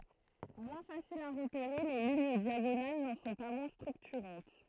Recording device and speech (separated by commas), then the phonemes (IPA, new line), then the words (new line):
throat microphone, read sentence
mwɛ̃ fasilz a ʁəpeʁe le liɲ djaɡonal nɑ̃ sɔ̃ pa mwɛ̃ stʁyktyʁɑ̃t
Moins faciles à repérer, les lignes diagonales n’en sont pas moins structurantes.